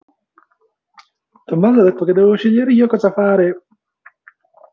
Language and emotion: Italian, happy